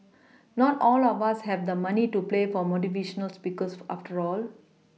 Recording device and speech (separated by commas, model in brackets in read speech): mobile phone (iPhone 6), read sentence